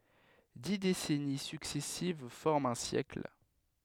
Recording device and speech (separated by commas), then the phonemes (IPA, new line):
headset microphone, read sentence
di desɛni syksɛsiv fɔʁmt œ̃ sjɛkl